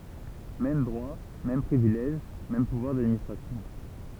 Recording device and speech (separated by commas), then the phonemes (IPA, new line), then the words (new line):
temple vibration pickup, read sentence
mɛm dʁwa mɛm pʁivilɛʒ mɛm puvwaʁ dadministʁasjɔ̃
Mêmes droits, mêmes privilèges, mêmes pouvoirs d'administration.